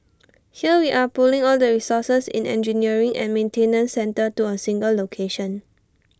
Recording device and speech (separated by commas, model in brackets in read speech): standing microphone (AKG C214), read sentence